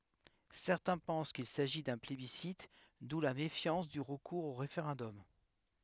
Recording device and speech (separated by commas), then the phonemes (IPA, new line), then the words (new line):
headset microphone, read sentence
sɛʁtɛ̃ pɑ̃s kil saʒi dœ̃ plebisit du la mefjɑ̃s dy ʁəkuʁz o ʁefeʁɑ̃dɔm
Certains pensent qu'il s'agit d'un plébiscite d'où la méfiance du recours au référendum.